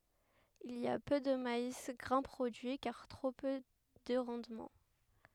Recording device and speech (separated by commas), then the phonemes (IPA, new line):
headset microphone, read sentence
il i a pø də mais ɡʁɛ̃ pʁodyi kaʁ tʁo pø də ʁɑ̃dmɑ̃